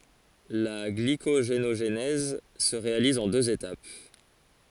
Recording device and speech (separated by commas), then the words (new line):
forehead accelerometer, read sentence
La glycogénogenèse se réalise en deux étapes.